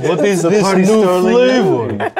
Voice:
accented vampire voice